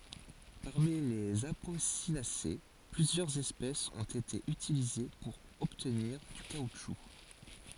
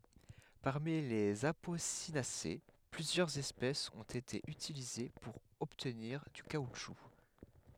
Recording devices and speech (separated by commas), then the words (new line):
forehead accelerometer, headset microphone, read sentence
Parmi les Apocynacées, plusieurs espèces ont été utilisées pour obtenir du caoutchouc.